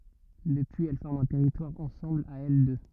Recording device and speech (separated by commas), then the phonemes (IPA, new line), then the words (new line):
rigid in-ear microphone, read sentence
dəpyiz ɛl fɔʁmt œ̃ tɛʁitwaʁ ɑ̃sɑ̃bl a ɛl dø
Depuis, elles forment un territoire ensemble à elles deux.